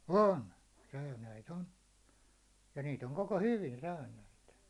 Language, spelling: Finnish, on säynäitä on ja niitä on koko hyvin säynäitä
- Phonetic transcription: on , 'säynäit ‿on , ja niit ‿oŋ koko "hyvin 'säynäit .

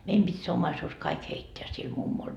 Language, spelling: Finnish, meidän piti se omaisuus kaikki heittää sille mummolle
- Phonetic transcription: 'meim pit́ se 'ommaisuus "kaik 'heitteä sil 'mummol .

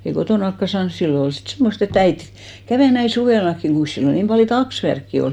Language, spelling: Finnish, ja ei kotonakaan saanut silloin olla sitten semmoista että äiti kävi näin suvellakin kuinkas silloin niin paljon taksvärkkiä oli
- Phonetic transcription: ja ei 'kotònakka 'saans , 'sillo 'ol sit 'semmost ‿e"t ‿äit , 'kävè näin̬ 'suvèlakkiŋ 'ɢuin̬s 'sillo niim 'paljo "taksvärkki ol .

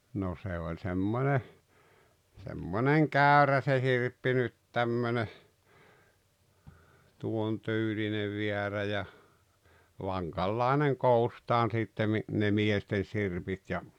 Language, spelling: Finnish, no se oli semmoinen semmoinen käyrä se sirppi nyt tämmöinen tuon tyylinen väärä ja vankanlainen koostaan sitten - ne miesten sirpit ja
- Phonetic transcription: no 'se oĺ 'semmone , semmoneŋ "kä̀örä se 'sirppi nyt 'tämmöne , 'tuon "tyylinev 'viärä ja , "vaŋkallàeneŋ "koustaan sittem mi , ne "miesten̬ 'sirpit ja ,.

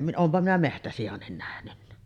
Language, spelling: Finnish, olenpa minä metsäsiankin nähnyt
- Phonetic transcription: 'oompa minä "mehtäsijannin nähnynnä .

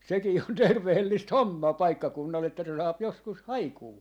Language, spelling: Finnish, sekin on terveellistä hommaa paikkakunnalla että se saa joskus haikua
- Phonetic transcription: 'sekii on 'tervehellist "hommaa 'paikkakunnal että se 'saap 'joskus "haikuu .

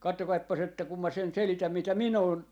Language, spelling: Finnish, katsokaapas että kun minä sen selitän mitä minä olen
- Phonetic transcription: 'kattokaippas että kum ma sen 'selitäm mitä "min ‿oon , .

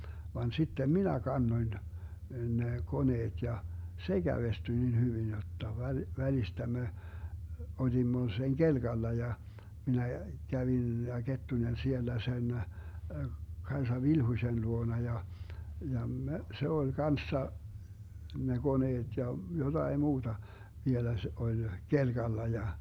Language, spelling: Finnish, vaan sitten minä kannoin ne koneet ja se kävestyi niin hyvin jotta - välistä me olimme sen kelkalla ja minä kävin ja Kettunen siellä sen Kaisa Vilhuisen luona ja ja me se oli kanssa ne koneet ja jotakin muuta vielä se oli kelkalla ja
- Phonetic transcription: van 'sittem "minä 'kannoⁱn , ne 'koneet ja , "se 'Gävestyⁱ nin 'hyvin jotta 'väl- , 'välistä me , 'olimmo seŋ "GelGalla ja , 'minä 'kävin ja 'Kettunen 'siellä 'sen , 'Kaesa "Vilhuⁱsen 'luona ja , 'ja , me , 'se oĺ "kanssa , ne 'GoneeD ja , 'jotai muuDa , 'vielä se 'oĺ , 'kelGalla ja ,.

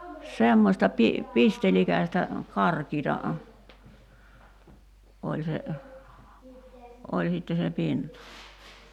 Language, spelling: Finnish, semmoista - pistelikästä karkeata oli se oli sitten se pinta
- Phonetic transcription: 'semmośta pi- , 'pistelikästä , 'karkiita , 'oĺ se , 'oĺ sitte se 'pinta .

